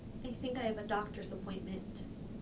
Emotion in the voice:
neutral